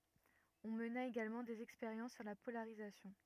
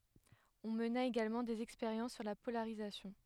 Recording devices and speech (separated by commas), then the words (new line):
rigid in-ear microphone, headset microphone, read sentence
On mena également des expériences sur la polarisation.